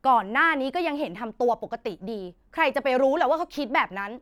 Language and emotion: Thai, angry